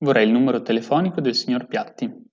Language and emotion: Italian, neutral